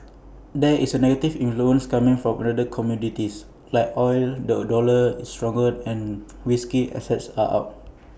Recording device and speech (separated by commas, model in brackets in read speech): boundary microphone (BM630), read sentence